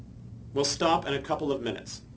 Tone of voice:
neutral